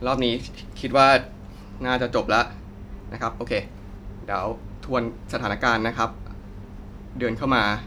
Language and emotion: Thai, neutral